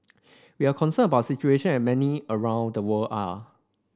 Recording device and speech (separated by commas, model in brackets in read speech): standing microphone (AKG C214), read sentence